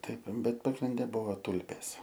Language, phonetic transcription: Lithuanian, ˈtaip ˈbet pagrinˈde ˈbuvo ˈtulpės

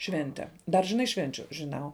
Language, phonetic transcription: Lithuanian, ˈšvente dar žiˈnai ˈšvenčiu žiˈnau

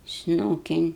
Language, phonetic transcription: Lithuanian, ˈsnūkin

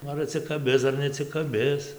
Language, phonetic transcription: Lithuanian, ˈnu ar atsikaˈbis ar neatsikaˈbis

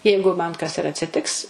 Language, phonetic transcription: Lithuanian, ˈjeigu man kas ir atsiˈtiks

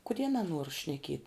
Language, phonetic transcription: Lithuanian, kuˈdie naˈnuor šneˈkiet'

